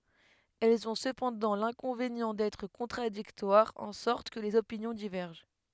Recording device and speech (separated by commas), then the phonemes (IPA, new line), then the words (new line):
headset microphone, read sentence
ɛlz ɔ̃ səpɑ̃dɑ̃ lɛ̃kɔ̃venjɑ̃ dɛtʁ kɔ̃tʁadiktwaʁz ɑ̃ sɔʁt kə lez opinjɔ̃ divɛʁʒɑ̃
Elles ont cependant l'inconvénient d'être contradictoires, en sorte que les opinions divergent.